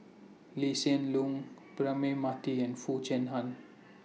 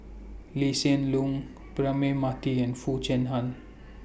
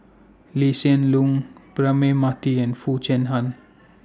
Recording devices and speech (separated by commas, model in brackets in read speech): mobile phone (iPhone 6), boundary microphone (BM630), standing microphone (AKG C214), read sentence